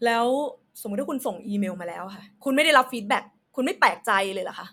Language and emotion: Thai, frustrated